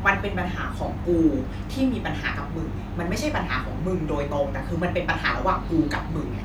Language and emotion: Thai, angry